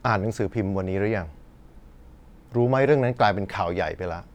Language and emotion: Thai, frustrated